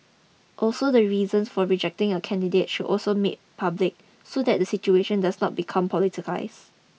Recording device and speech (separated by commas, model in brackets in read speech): mobile phone (iPhone 6), read sentence